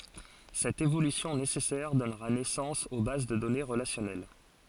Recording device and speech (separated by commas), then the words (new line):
forehead accelerometer, read sentence
Cette évolution nécessaire donnera naissance aux bases de données relationnelles.